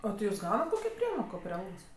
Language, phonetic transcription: Lithuanian, a ti ˈjūs ˈgaunat ˈkokio ˈpriemoko pri ˈalgos

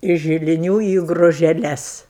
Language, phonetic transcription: Lithuanian, iš žiliˈnių į gružeˈles

